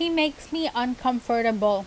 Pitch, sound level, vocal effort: 250 Hz, 87 dB SPL, loud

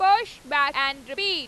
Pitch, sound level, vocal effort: 285 Hz, 103 dB SPL, very loud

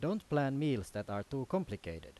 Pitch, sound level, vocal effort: 135 Hz, 88 dB SPL, loud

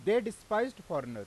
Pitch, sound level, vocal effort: 210 Hz, 97 dB SPL, very loud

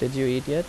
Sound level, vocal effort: 82 dB SPL, normal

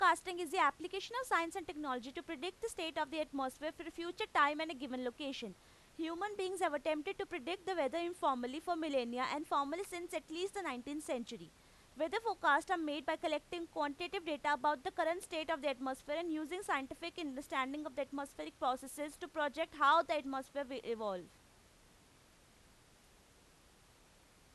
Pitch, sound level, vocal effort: 315 Hz, 93 dB SPL, very loud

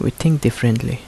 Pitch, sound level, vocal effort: 125 Hz, 73 dB SPL, soft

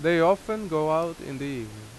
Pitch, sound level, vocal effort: 155 Hz, 89 dB SPL, very loud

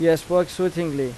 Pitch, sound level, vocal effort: 165 Hz, 89 dB SPL, loud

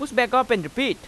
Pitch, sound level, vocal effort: 255 Hz, 96 dB SPL, very loud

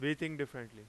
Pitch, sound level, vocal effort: 140 Hz, 93 dB SPL, very loud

